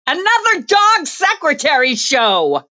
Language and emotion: English, disgusted